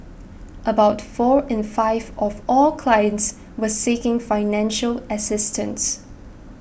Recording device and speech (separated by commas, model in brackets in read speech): boundary microphone (BM630), read sentence